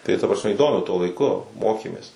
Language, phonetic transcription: Lithuanian, tai ta prasˈme įˈdomiu tuo laiˈku ˈmokėmės

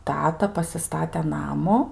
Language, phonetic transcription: Lithuanian, ˈtata pasiˈstate ˈnamu

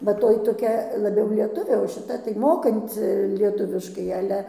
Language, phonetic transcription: Lithuanian, bet ˈtoj toˈkia laˈbiau lieˈtuvė o šiˈta tai ˈmokanci lieˈtuviškai aˈle

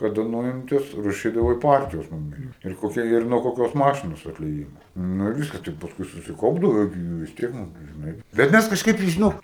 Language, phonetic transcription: Lithuanian, kaˈda ˈnuimtas raˈšydavai ˈpartijos ˈnumeri ir koˈkia ir nuo koˈkios ˈmašinos atlieˈjimo ˈnu ir ˈviskas tai pasˈkui susiˈkaupdavo jau gi ˈjų jau vis ˈtiek ˈnugi žiˈnai bet ˈmæs kažˈkaip tai žiˈnok

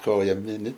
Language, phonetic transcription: Lithuanian, ˈkoja ˈmini

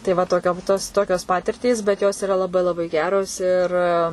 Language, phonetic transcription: Lithuanian, tai ˈva toˈkiom tos ˈtokios ˈpatirtys bet ˈjos iˈra laˈbai laˈbai ˈgeros ir

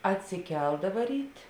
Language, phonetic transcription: Lithuanian, atsiˈkeldava ˈryt'

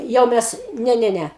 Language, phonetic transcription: Lithuanian, ˈjau mes ˈne ˈne ˈne

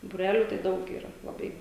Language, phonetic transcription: Lithuanian, būˈreliu tai ˈdaug yˈra laˈbai

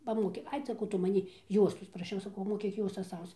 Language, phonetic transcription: Lithuanian, paˈmokė ˈai saˈkau ˈtu maˈnį ˈjuostos praˈšiau saˈkau moˈkyk ˈjuostas ˈausc

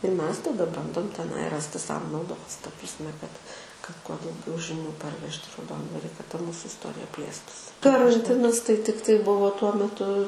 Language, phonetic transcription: Lithuanian, ir ˈmes taˈda ˈbandom teˈnai ˈrasti ˈsau nauˈdos ta prasˈme kad kad kuo dauˈgiau žiˈnių parˈvežt' i rauˈdondvari ta ˈmūsu isˈtorija ˈplėstusi karanˈtinas tai ˈtiktai ˈbuvo tuo meˈtu

